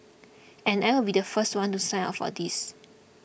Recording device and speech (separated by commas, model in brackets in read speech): boundary microphone (BM630), read sentence